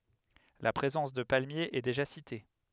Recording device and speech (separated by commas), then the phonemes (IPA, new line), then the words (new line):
headset microphone, read sentence
la pʁezɑ̃s də palmjez ɛ deʒa site
La présence de palmiers est déjà citée.